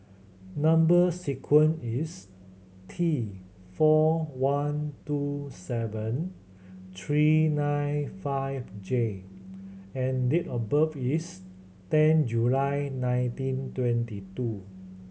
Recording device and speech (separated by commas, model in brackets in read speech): mobile phone (Samsung C7100), read sentence